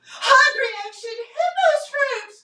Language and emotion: English, fearful